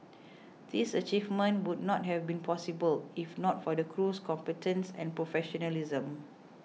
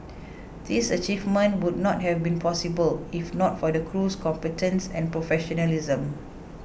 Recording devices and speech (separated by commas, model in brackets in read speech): mobile phone (iPhone 6), boundary microphone (BM630), read sentence